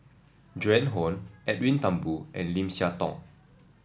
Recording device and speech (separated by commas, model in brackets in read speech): standing microphone (AKG C214), read sentence